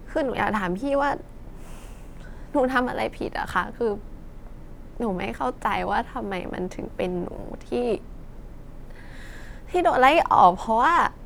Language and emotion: Thai, sad